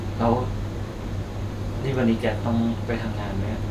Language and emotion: Thai, neutral